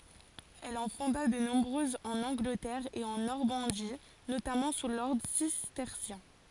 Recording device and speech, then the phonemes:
forehead accelerometer, read sentence
ɛl ɑ̃ fɔ̃da də nɔ̃bʁøzz ɑ̃n ɑ̃ɡlətɛʁ e ɑ̃ nɔʁmɑ̃di notamɑ̃ su lɔʁdʁ sistɛʁsjɛ̃

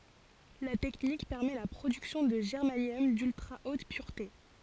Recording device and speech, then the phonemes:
forehead accelerometer, read sentence
la tɛknik pɛʁmɛ la pʁodyksjɔ̃ də ʒɛʁmanjɔm dyltʁa ot pyʁte

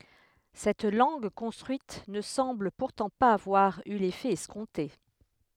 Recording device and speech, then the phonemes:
headset microphone, read sentence
sɛt lɑ̃ɡ kɔ̃stʁyit nə sɑ̃bl puʁtɑ̃ paz avwaʁ y lefɛ ɛskɔ̃te

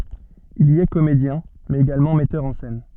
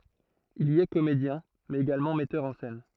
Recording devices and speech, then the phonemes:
soft in-ear microphone, throat microphone, read sentence
il i ɛ komedjɛ̃ mɛz eɡalmɑ̃ mɛtœʁ ɑ̃ sɛn

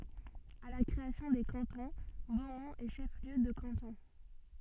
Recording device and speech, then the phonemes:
soft in-ear microphone, read sentence
a la kʁeasjɔ̃ de kɑ̃tɔ̃ bomɔ̃t ɛ ʃɛf ljø də kɑ̃tɔ̃

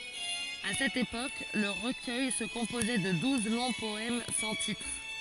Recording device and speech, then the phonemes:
forehead accelerometer, read sentence
a sɛt epok lə ʁəkœj sə kɔ̃pozɛ də duz lɔ̃ pɔɛm sɑ̃ titʁ

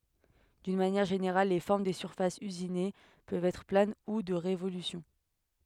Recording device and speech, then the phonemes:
headset microphone, read sentence
dyn manjɛʁ ʒeneʁal le fɔʁm de syʁfasz yzine pøvt ɛtʁ plan u də ʁevolysjɔ̃

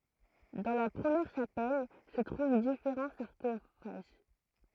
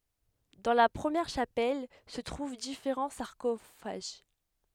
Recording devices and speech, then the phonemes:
throat microphone, headset microphone, read sentence
dɑ̃ la pʁəmjɛʁ ʃapɛl sə tʁuv difeʁɑ̃ saʁkofaʒ

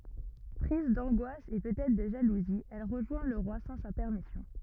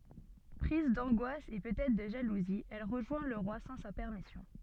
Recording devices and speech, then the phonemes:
rigid in-ear microphone, soft in-ear microphone, read sentence
pʁiz dɑ̃ɡwas e pøt ɛtʁ də ʒaluzi ɛl ʁəʒwɛ̃ lə ʁwa sɑ̃ sa pɛʁmisjɔ̃

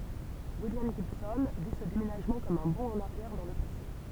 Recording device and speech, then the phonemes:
temple vibration pickup, read sentence
wiljam ʒibsɔ̃ vi sə demenaʒmɑ̃ kɔm œ̃ bɔ̃ ɑ̃n aʁjɛʁ dɑ̃ lə pase

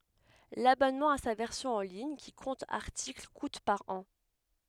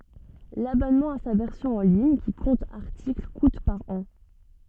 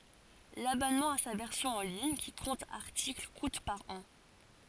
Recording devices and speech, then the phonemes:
headset microphone, soft in-ear microphone, forehead accelerometer, read sentence
labɔnmɑ̃ a sa vɛʁsjɔ̃ ɑ̃ liɲ ki kɔ̃t aʁtikl kut paʁ ɑ̃

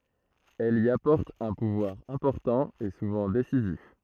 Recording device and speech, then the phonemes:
throat microphone, read sentence
ɛl i apɔʁt œ̃ puvwaʁ ɛ̃pɔʁtɑ̃ e suvɑ̃ desizif

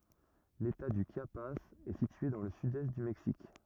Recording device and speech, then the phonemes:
rigid in-ear microphone, read sentence
leta dy ʃjapaz ɛ sitye dɑ̃ lə sydɛst dy mɛksik

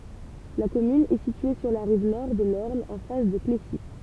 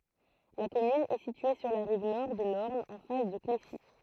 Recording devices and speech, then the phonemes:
temple vibration pickup, throat microphone, read sentence
la kɔmyn ɛ sitye syʁ la ʁiv nɔʁ də lɔʁn ɑ̃ fas də klesi

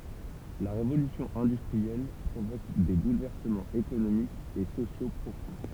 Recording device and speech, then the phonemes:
temple vibration pickup, read sentence
la ʁevolysjɔ̃ ɛ̃dystʁiɛl pʁovok de bulvɛʁsəmɑ̃z ekonomikz e sosjo pʁofɔ̃

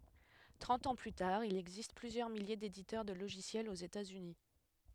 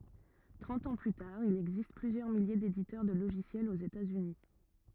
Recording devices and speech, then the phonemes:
headset microphone, rigid in-ear microphone, read sentence
tʁɑ̃t ɑ̃ ply taʁ il ɛɡzist plyzjœʁ milje deditœʁ də loʒisjɛlz oz etaz yni

